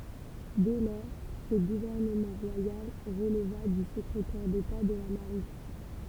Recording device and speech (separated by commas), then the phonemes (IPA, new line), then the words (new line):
temple vibration pickup, read sentence
dɛ lɔʁ sə ɡuvɛʁnəmɑ̃ ʁwajal ʁəlva dy səkʁetɛʁ deta də la maʁin
Dès lors, ce gouvernement royal releva du secrétaire d'État de la Marine.